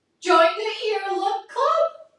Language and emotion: English, sad